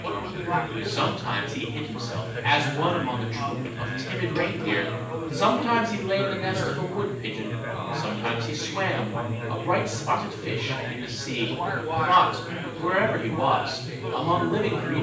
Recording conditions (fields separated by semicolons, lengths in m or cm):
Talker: one person; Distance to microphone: 9.8 m; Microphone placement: far; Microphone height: 1.8 m; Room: large; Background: babble